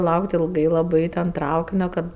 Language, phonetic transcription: Lithuanian, ˈlaukt ilˈgai laˈbai ten ˈtraukinio ˈkad

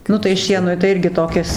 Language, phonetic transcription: Lithuanian, ˈnu tai ˈšienui tai ˈirgi toˈkis

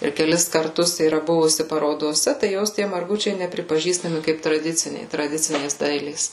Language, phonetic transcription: Lithuanian, ir keˈlis karˈtus yˈra ˈbuvusi parodoˈse tai ˈjos ˈtie marˈgučiai nepripaˈžįstami ˈkaip traˈdiciniai traˈdicinės ˈdailės

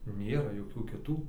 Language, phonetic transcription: Lithuanian, ˈnėra joˈkių kiˈtų

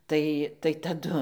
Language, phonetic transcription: Lithuanian, ˈtai tai taˈdu

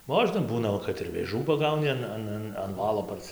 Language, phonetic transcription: Lithuanian, ˈmožna ˈbūna ˈva kad ir vėˈžų paˈgauni an ˈan ˈan an ˈvalo parˈsi

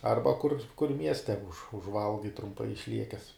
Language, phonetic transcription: Lithuanian, ˈarba kur kur ˈmieste už užˈvalgai trumˈpai išˈliekes

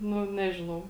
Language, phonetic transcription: Lithuanian, ˈnu ˈnežinau

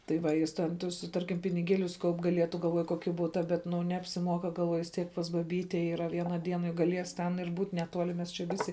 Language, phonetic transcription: Lithuanian, tai ˈva ˈjis ˈten ˈtus ˈtarkim piniˈgielius ˈkaup gaˈlietu galˈvoju ˈkoki ˈbuta ˈbet ˈnu neapsiˈmuoka galˈvuoju vis ˈtiek pas baˈbyte yˈra ˈviena ˈdiena juk gaˈlies ˈten ir ˈbūt neˈtuoli mes čia ˈvisi

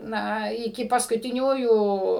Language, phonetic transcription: Lithuanian, ˈna iˈki paskutiˈniųjų

